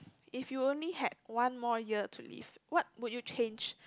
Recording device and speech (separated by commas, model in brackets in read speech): close-talking microphone, conversation in the same room